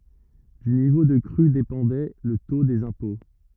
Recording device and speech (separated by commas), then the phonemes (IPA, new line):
rigid in-ear microphone, read sentence
dy nivo də kʁy depɑ̃dɛ lə to dez ɛ̃pɔ̃